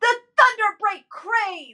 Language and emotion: English, angry